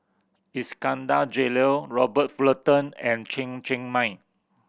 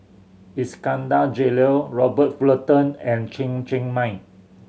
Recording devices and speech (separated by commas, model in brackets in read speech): boundary microphone (BM630), mobile phone (Samsung C7100), read sentence